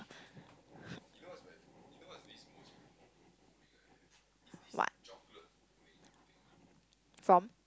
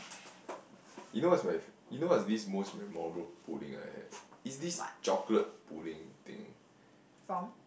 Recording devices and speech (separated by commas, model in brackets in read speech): close-talking microphone, boundary microphone, conversation in the same room